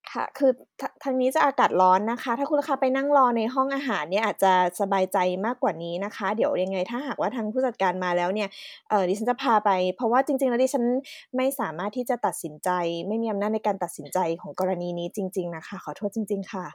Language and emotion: Thai, frustrated